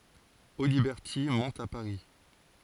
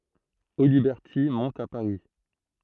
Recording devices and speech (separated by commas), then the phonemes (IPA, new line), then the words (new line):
forehead accelerometer, throat microphone, read sentence
odibɛʁti mɔ̃t a paʁi
Audiberti monte à Paris.